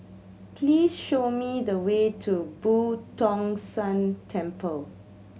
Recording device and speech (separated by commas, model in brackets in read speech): mobile phone (Samsung C7100), read sentence